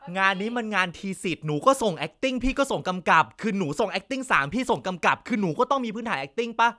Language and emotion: Thai, frustrated